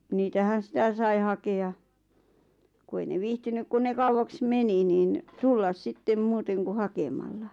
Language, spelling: Finnish, niitähän sitä sai hakea kun ei ne viihtynyt kun ne kauaksi meni niin tulla sitten muuten kuin hakemalla
- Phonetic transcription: 'niitähän̬ "sⁱtä sai 'hake₍a , 'ku ei ne 'viihtynyk kun ne 'kauwaks "meni niin , "tullas 'sittem muuteŋ ku 'hakemalla .

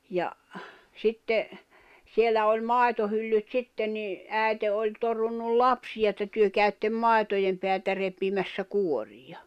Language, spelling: Finnish, ja sitten siellä oli maitohyllyt sitten niin äiti oli torunut lapsia että te käytte maitojen päältä repimässä kuoria
- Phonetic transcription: ja , 'sitte , 'siellä oĺ "mài̬tohyllyt 'sitten ni , 'ä̀i̬te oĺ 'torunnul "lapsiʲa että » 'työ käyttem "mài̬tojem peältä repimässä 'kuoriʲa « .

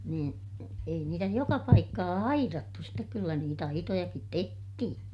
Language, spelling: Finnish, niin ei niitä joka paikkaa aidattu sitten kyllä niitä aitojakin tehtiin
- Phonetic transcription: niin , ei niitä joka paikkaa airattu stek kyllä niit ‿aitojakit tehtihin .

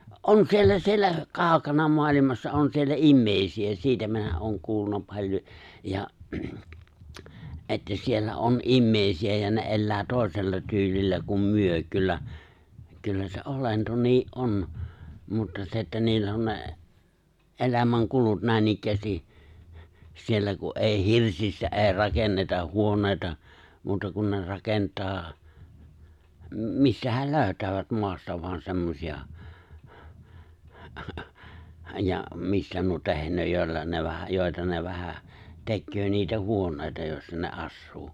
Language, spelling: Finnish, on siellä siellä kaukana maailmassa on siellä ihmisiä siitä minä olen kuullut paljon ja että siellä on ihmisiä ja ne elää toisella tyylillä kuin me kyllä kyllä se olento niin on mutta se että niillä on ne elämänkulut näinikään siellä kun ei hirsistä ei rakenneta huoneita muuta kuin ne rakentaa mistähän löytävät maasta vain semmoisia ja mistä nuo tehnee joilla ne vähän joita ne vähän tekee niitä huoneita joissa ne asuu
- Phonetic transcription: '’on 'siellä 'siellä , 'kàu̬kana 'mo̭alimassa , '’on siellä '’immèi̬si₍ä 'siitä minä ’ooŋ 'kuulluna 'paĺjo , ja , '’että 'siellä '’oon '’immèi̬si₍ä ja ne '’ellää 'tòi̬sella tyylillä kum 'myö kyllä , kyllä se '’olento nii , "’on , mutta 'se että niillä on 'ne , '’elämäŋ'kulut 'nä̀inikkäästi , 'siellä ku’ '’èi "hirsistä '’èi̬ 'rakennetah̆ 'huonèita , 'muuta kun ne 'rakent̀aa , 'mistähäl 'lööʸtäävät 'moasta voan 'semmosi₍a , ja 'mistä nuo 'tehǹöö jòi̬lla ne vähä , jòi̬ta ne vähä , 'tekkö niitä 'huoǹèi̬ta jòi̬ssa ne '’assuu .

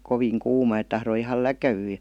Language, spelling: Finnish, kovin kuuma että tahtoi ihan läkähtyä ja
- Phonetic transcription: ''koviiŋ 'kuuma et 'tahroi ihal ''läkäwyyj jA .

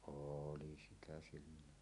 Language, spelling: Finnish, oli sitä silloin
- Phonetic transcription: ooli sitä siilon .

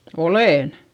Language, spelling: Finnish, olen
- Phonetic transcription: olèn .

